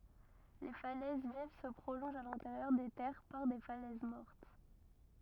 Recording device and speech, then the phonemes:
rigid in-ear microphone, read sentence
le falɛz viv sə pʁolɔ̃ʒt a lɛ̃teʁjœʁ de tɛʁ paʁ de falɛz mɔʁt

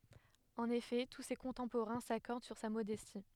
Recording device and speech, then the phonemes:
headset microphone, read sentence
ɑ̃n efɛ tu se kɔ̃tɑ̃poʁɛ̃ sakɔʁd syʁ sa modɛsti

